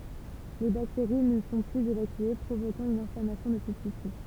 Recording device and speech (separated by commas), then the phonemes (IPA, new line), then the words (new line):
temple vibration pickup, read sentence
le bakteʁi nə sɔ̃ plyz evakye pʁovokɑ̃ yn ɛ̃flamasjɔ̃ də sə tisy
Les bactéries ne sont plus évacuées, provoquant une inflammation de ce tissu.